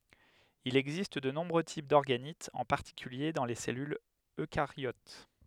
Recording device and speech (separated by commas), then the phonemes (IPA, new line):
headset microphone, read sentence
il ɛɡzist də nɔ̃bʁø tip dɔʁɡanitz ɑ̃ paʁtikylje dɑ̃ le sɛlylz økaʁjot